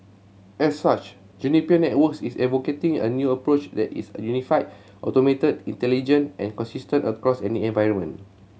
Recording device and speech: mobile phone (Samsung C7100), read sentence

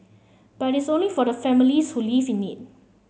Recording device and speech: mobile phone (Samsung C7), read sentence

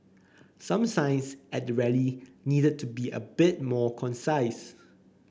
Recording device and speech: boundary microphone (BM630), read sentence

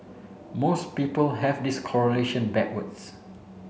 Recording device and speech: mobile phone (Samsung C7), read sentence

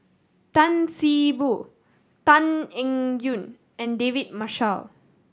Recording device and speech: standing microphone (AKG C214), read sentence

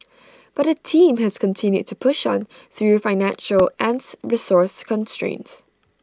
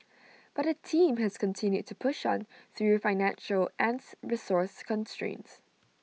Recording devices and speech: standing microphone (AKG C214), mobile phone (iPhone 6), read sentence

